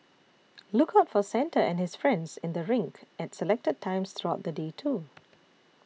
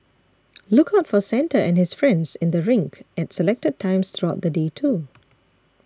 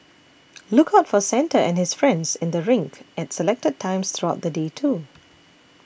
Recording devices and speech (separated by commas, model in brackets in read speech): mobile phone (iPhone 6), standing microphone (AKG C214), boundary microphone (BM630), read sentence